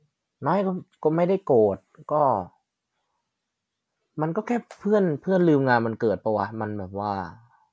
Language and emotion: Thai, frustrated